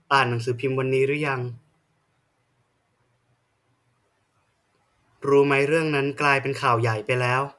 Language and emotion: Thai, frustrated